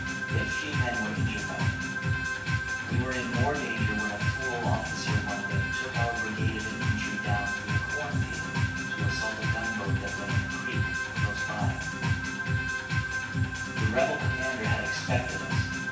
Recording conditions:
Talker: one person; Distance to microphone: 9.8 m; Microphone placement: far; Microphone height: 1.8 m; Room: large; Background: music

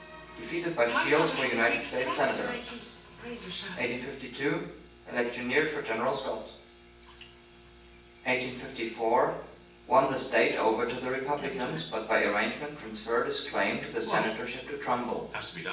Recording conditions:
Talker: one person; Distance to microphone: 9.8 m; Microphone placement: far; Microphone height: 1.8 m; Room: large; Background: television

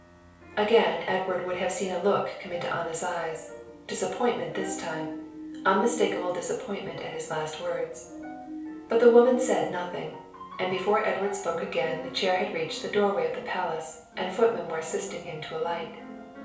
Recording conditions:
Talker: one person; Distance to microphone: 3.0 m; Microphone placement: far; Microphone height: 1.8 m; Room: small (3.7 m by 2.7 m); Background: music

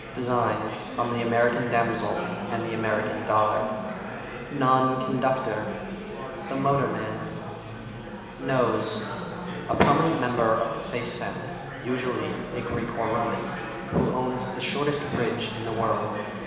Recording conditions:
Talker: one person; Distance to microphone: 1.7 m; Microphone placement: close; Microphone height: 1.0 m; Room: very reverberant, large; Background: babble

